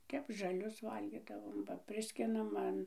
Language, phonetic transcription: Lithuanian, ˈtep žaˈlius ˈvalgydavom ba ˈpriskinam ˈan

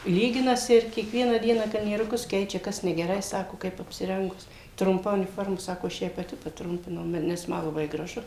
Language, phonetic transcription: Lithuanian, ˈlyginasi ir kieˈkvieną ˈdieną kalnieruˈkus ˈkeičia ˈkas negeˈrai ˈsako ˈkaip apsiˈrengus trumˈpa uniˈforma ˈsako aš ˈjai paˈti paˈtrumpinau ma nes ˈma laˈbai graˈžu

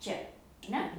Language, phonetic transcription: Lithuanian, ˈčia ar ˈne

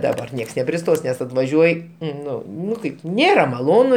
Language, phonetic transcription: Lithuanian, daˈbar ˈnieks nepriˈstos nes atvaˈžiuoj ˈnu ˈnu ˈkaip ˈnėra maˈlonu

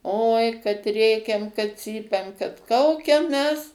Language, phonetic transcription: Lithuanian, oi kad ˈrėkiam kad ˈcypiam kad ˈkaukiam ˈmes

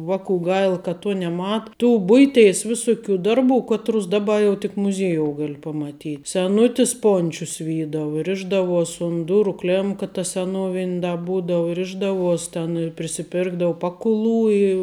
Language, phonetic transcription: Lithuanian, ˈvakų ˈgail ka ˈtuo neˈma tų ˈbuiˌtėis ˈvisuˌkių ˈdarˌbų ˈkaˌtrus ˈdaˌba jau tik muˈziejou ˈgal' pamaˈty seˈnutis ˈpončius ˈvydavu ˈrišdavuos' un ˈduru ˈklėmka ta seˈnovin' da ˈbūdavu ˈrišdavuos' ten i prisiˈpirkdau ˈpakuˌlų i

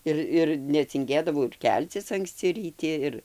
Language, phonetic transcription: Lithuanian, ˈir ir necinˈgėdavau ir ˈkelcis ankˈsci ryˈti ˈir

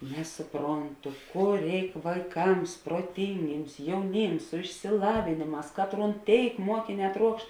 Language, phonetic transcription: Lithuanian, ˈnesuˌpronˌtu ˈkur ˈreik vaiˈkams proˈtingims jauˈnims su išsiˈlavėnėˌmās ˈkatˌrūn ˈtėik ˈmuokiˌnē ˈtruokšt

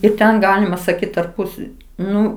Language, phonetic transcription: Lithuanian, ir ˈten ˈgalima saˈkyt tarˈpus ˈnu

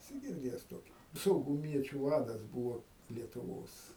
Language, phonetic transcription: Lithuanian, eˈsi girˈdėjes ˈtoki sauguˈmiečiu ˈvadas ˈbūvo lietuˈvos

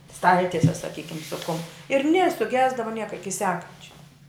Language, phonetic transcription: Lithuanian, ˈstaltiese saˈkykim su kum ir nė suˈgesdava ˈnieka ˈiki ˈsekančia

